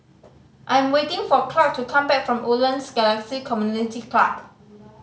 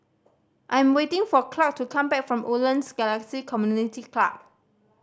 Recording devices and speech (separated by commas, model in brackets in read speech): mobile phone (Samsung C5010), standing microphone (AKG C214), read sentence